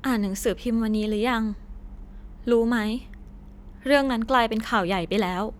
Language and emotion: Thai, sad